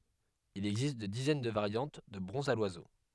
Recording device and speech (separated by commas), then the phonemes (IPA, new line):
headset microphone, read sentence
il ɛɡzist de dizɛn də vaʁjɑ̃t də bʁɔ̃zz a lwazo